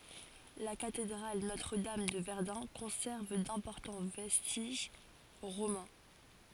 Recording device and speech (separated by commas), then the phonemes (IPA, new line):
forehead accelerometer, read sentence
la katedʁal notʁədam də vɛʁdœ̃ kɔ̃sɛʁv dɛ̃pɔʁtɑ̃ vɛstiʒ ʁomɑ̃